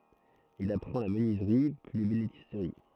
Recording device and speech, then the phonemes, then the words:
throat microphone, read sentence
il apʁɑ̃ la mənyizʁi pyi lebenistʁi
Il apprend la menuiserie puis l’ébénisterie.

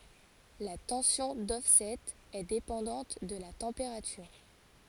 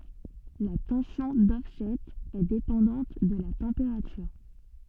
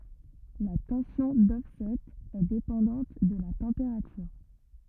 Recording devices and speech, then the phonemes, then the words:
forehead accelerometer, soft in-ear microphone, rigid in-ear microphone, read sentence
la tɑ̃sjɔ̃ dɔfsɛt ɛ depɑ̃dɑ̃t də la tɑ̃peʁatyʁ
La tension d'offset est dépendante de la température.

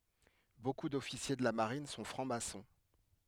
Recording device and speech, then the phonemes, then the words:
headset microphone, read sentence
boku dɔfisje də la maʁin sɔ̃ fʁɑ̃ksmasɔ̃
Beaucoup d'officiers de la Marine sont francs-maçons.

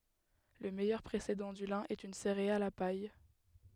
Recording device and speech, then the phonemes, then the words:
headset microphone, read sentence
lə mɛjœʁ pʁesedɑ̃ dy lɛ̃ ɛt yn seʁeal a paj
Le meilleur précédent du lin est une céréale à paille.

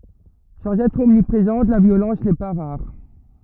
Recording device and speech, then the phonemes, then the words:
rigid in-ear microphone, read sentence
sɑ̃z ɛtʁ ɔmnipʁezɑ̃t la vjolɑ̃s nɛ pa ʁaʁ
Sans être omniprésente, la violence n’est pas rare.

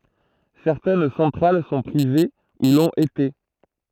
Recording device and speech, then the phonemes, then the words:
throat microphone, read sentence
sɛʁtɛn sɑ̃tʁal sɔ̃ pʁive u lɔ̃t ete
Certaines centrales sont privées, ou l’ont été.

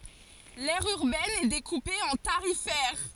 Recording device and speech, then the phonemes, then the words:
forehead accelerometer, read sentence
lɛʁ yʁbɛn ɛ dekupe ɑ̃ taʁifɛʁ
L'aire urbaine est découpée en tarifaires.

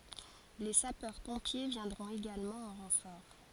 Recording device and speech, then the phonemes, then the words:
forehead accelerometer, read sentence
le sapœʁ pɔ̃pje vjɛ̃dʁɔ̃t eɡalmɑ̃ ɑ̃ ʁɑ̃fɔʁ
Les Sapeurs-Pompiers viendront également en renfort.

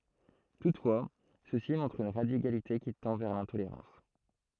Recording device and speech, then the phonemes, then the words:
throat microphone, read sentence
tutfwa sø si mɔ̃tʁt yn ʁadikalite ki tɑ̃ vɛʁ lɛ̃toleʁɑ̃s
Toutefois, ceux-ci montrent une radicalité qui tend vers l'intolérance.

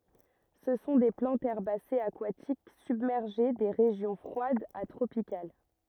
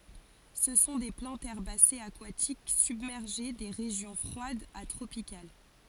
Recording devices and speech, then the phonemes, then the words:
rigid in-ear microphone, forehead accelerometer, read sentence
sə sɔ̃ de plɑ̃tz ɛʁbasez akwatik sybmɛʁʒe de ʁeʒjɔ̃ fʁwadz a tʁopikal
Ce sont des plantes herbacées aquatiques, submergées, des régions froides à tropicales.

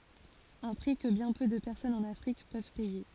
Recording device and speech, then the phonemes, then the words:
forehead accelerometer, read sentence
œ̃ pʁi kə bjɛ̃ pø də pɛʁsɔnz ɑ̃n afʁik pøv pɛje
Un prix que bien peu de personnes en Afrique peuvent payer.

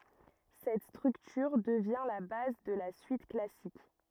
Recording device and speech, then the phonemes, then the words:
rigid in-ear microphone, read sentence
sɛt stʁyktyʁ dəvjɛ̃ la baz də la syit klasik
Cette structure devient la base de la suite classique.

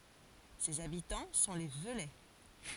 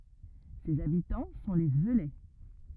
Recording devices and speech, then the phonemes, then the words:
forehead accelerometer, rigid in-ear microphone, read sentence
sez abitɑ̃ sɔ̃ le vølɛ
Ses habitants sont les Veulais.

